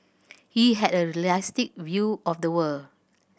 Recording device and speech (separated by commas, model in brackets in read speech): boundary microphone (BM630), read sentence